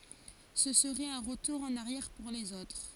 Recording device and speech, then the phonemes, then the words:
forehead accelerometer, read sentence
sə səʁɛt œ̃ ʁətuʁ ɑ̃n aʁjɛʁ puʁ lez otʁ
Ce serait un retour en arrière pour les autres.

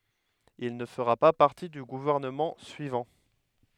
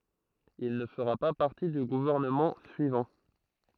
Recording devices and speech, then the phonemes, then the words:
headset microphone, throat microphone, read sentence
il nə fəʁa pa paʁti dy ɡuvɛʁnəmɑ̃ syivɑ̃
Il ne fera pas partie du gouvernement suivant.

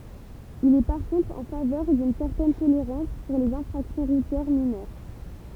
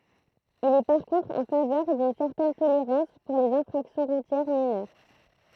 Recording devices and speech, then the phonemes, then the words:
temple vibration pickup, throat microphone, read sentence
il ɛ paʁ kɔ̃tʁ ɑ̃ favœʁ dyn sɛʁtɛn toleʁɑ̃s puʁ lez ɛ̃fʁaksjɔ̃ ʁutjɛʁ minœʁ
Il est par contre en faveur d'une certaine tolérance pour les infractions routières mineures.

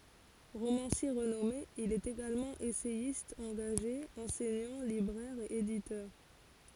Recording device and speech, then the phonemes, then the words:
forehead accelerometer, read sentence
ʁomɑ̃sje ʁənɔme il ɛt eɡalmɑ̃ esɛjist ɑ̃ɡaʒe ɑ̃sɛɲɑ̃ libʁɛʁ e editœʁ
Romancier renommé, il est également essayiste engagé, enseignant, libraire et éditeur.

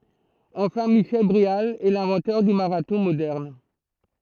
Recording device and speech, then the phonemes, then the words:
throat microphone, read sentence
ɑ̃fɛ̃ miʃɛl bʁeal ɛ lɛ̃vɑ̃tœʁ dy maʁatɔ̃ modɛʁn
Enfin, Michel Bréal est l'inventeur du marathon moderne.

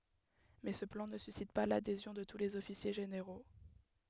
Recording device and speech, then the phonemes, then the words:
headset microphone, read sentence
mɛ sə plɑ̃ nə sysit pa ladezjɔ̃ də tu lez ɔfisje ʒeneʁo
Mais ce plan ne suscite pas l'adhésion de tous les officiers généraux.

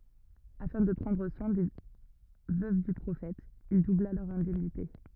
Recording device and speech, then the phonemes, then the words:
rigid in-ear microphone, read sentence
afɛ̃ də pʁɑ̃dʁ swɛ̃ de vøv dy pʁofɛt il dubla lœʁz ɛ̃dɛmnite
Afin de prendre soin des veuves du prophète, il doubla leurs indemnités.

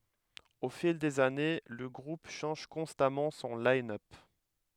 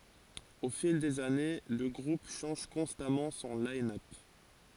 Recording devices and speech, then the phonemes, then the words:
headset microphone, forehead accelerometer, read sentence
o fil dez ane lə ɡʁup ʃɑ̃ʒ kɔ̃stamɑ̃ sɔ̃ linœp
Au fil des années, le groupe change constamment son line-up.

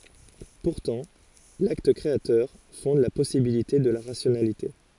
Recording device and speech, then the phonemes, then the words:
forehead accelerometer, read sentence
puʁtɑ̃ lakt kʁeatœʁ fɔ̃d la pɔsibilite də la ʁasjonalite
Pourtant, l'acte créateur fonde la possibilité de la rationalité.

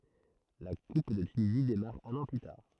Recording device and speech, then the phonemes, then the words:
throat microphone, read sentence
la kup də tynizi demaʁ œ̃n ɑ̃ ply taʁ
La coupe de Tunisie démarre un an plus tard.

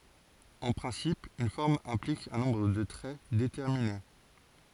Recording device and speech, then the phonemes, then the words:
forehead accelerometer, read sentence
ɑ̃ pʁɛ̃sip yn fɔʁm ɛ̃plik œ̃ nɔ̃bʁ də tʁɛ detɛʁmine
En principe, une forme implique un nombre de traits déterminé.

